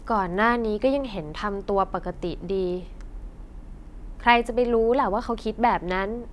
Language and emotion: Thai, neutral